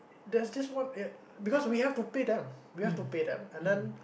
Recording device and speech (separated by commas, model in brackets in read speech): boundary microphone, conversation in the same room